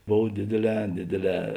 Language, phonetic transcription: Lithuanian, ˈbov ˈdėdėˌlē ˈdėdėˌlē

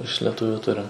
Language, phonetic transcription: Lithuanian, iš leˈtuviu ˈturim

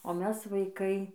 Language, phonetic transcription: Lithuanian, o ˈmes vaiˈkai

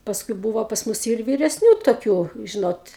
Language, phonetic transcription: Lithuanian, pasˈkui ˈbūvo pas ˈmus jau ir vyresˈnių toˈkių ˈžinot

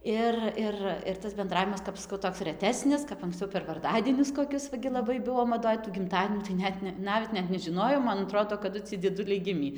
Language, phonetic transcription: Lithuanian, ˈir ˈir ir tas benˈdravimas kap ˈskau ˈtoks reˈtesnis kap anksciau per varˈdadienius koˈkius va ˈgi laˈbai ˈbuvo maˈdoj tų gimˈtadienių tai ˈnet ne ˈnavet ˈnet nežiˈnojom man aˈtrodo kaˈdu ˈciej dzieˈduliai ˈgimį

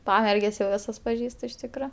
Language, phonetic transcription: Lithuanian, ˈpamerges jau ˈvisas paˈžįstu iš ˈtikro

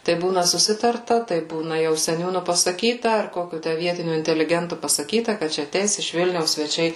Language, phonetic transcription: Lithuanian, tai ˈbūna suˈsitarta tai ˈbūna jau seˈniūnu pasaˈkyta ar ˈkokiu ˈtæ ˈvietiniu inteliˈgentu pasaˈkyta kad ˈčia aˈteis iš ˈvilniaus sveˈčiai

